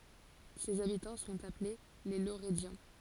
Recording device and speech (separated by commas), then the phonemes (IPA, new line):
forehead accelerometer, read sentence
sez abitɑ̃ sɔ̃t aple le loʁədjɑ̃